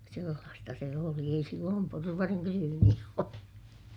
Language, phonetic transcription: Finnish, sellaasta se oli - ei silloom porvariŋ kryyniis (oltu) .
- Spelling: sellaista se oli ei silloin porvarin ryyneissä oltu

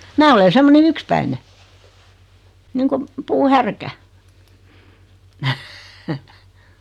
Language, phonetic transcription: Finnish, 'mää ole 'semmone"n ‿ykspäine , niiŋkum , 'puu"härkä . .
- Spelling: minä olen semmoinen yksipäinen niin kuin puuhärkä

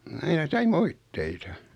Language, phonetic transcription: Finnish, 'aina sai "moitteita .
- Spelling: aina sai moitteita

